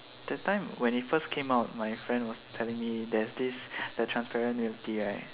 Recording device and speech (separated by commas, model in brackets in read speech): telephone, conversation in separate rooms